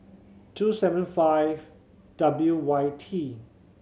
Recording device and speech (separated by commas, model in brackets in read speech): mobile phone (Samsung C7100), read sentence